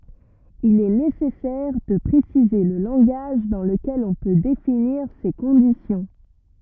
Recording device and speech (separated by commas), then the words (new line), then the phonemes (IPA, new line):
rigid in-ear microphone, read sentence
Il est nécessaire de préciser le langage dans lequel on peut définir ces conditions.
il ɛ nesɛsɛʁ də pʁesize lə lɑ̃ɡaʒ dɑ̃ ləkɛl ɔ̃ pø definiʁ se kɔ̃disjɔ̃